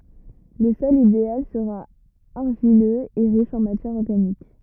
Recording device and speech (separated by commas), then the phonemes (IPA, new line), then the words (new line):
rigid in-ear microphone, read sentence
lə sɔl ideal səʁa aʁʒiløz e ʁiʃ ɑ̃ matjɛʁ ɔʁɡanik
Le sol idéal sera argileux et riche en matière organique.